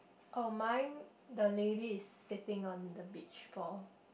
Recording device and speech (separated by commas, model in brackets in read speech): boundary microphone, conversation in the same room